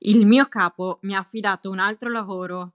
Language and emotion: Italian, neutral